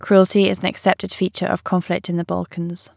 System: none